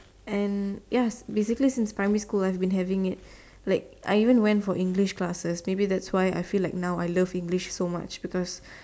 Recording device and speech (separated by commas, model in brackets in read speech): standing microphone, conversation in separate rooms